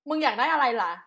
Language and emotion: Thai, frustrated